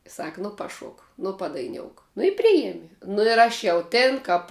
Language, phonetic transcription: Lithuanian, ˈsak ˈnu paˈšok ˈnu padaiˈniouk nu i ˈprijemi nu ir ˈaš jau ˈtin kap

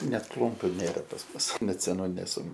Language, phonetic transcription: Lithuanian, ˈnet ˈklumpiu ˈnėra pas ˈmus net seˈnų neˈsu

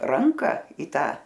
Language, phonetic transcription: Lithuanian, ˈranka į ˈtą

